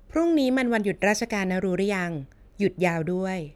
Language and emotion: Thai, neutral